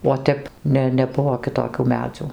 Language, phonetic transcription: Lithuanian, o ˈtep ˈne neˈbuvo kiˈtokių ˈmedzių

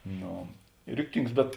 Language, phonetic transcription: Lithuanian, ˈno ˈriktings bet

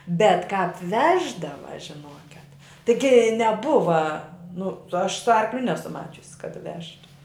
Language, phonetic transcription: Lithuanian, bet kāp ˈveždava žiˈnoket tiˈgi neˈbuva ˈnu aš su ˈarkliu ˈnesu ˈmačius kad ˈvežtu

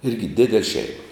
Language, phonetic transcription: Lithuanian, ˈirgi ˈdidel' ˈšeima

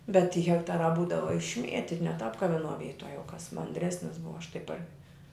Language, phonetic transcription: Lithuanian, bet ty hekˈtarā ˈbūdava išˈmieti ne tap ka viˈnuo ˈvytuo jau kas manˈdresnis ˈbuva aš tai par

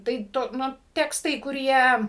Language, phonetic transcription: Lithuanian, tai ˈtu ˈnu ˈtekstai kuˈrie

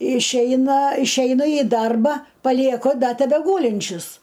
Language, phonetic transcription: Lithuanian, išˈeina išˈeina i ˈdarba palieˈku ˈda tebeˈgūlinčius

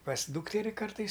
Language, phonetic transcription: Lithuanian, pas ˈdūkteri ˈkartais

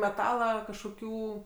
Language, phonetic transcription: Lithuanian, meˈtala kažkoˈkių

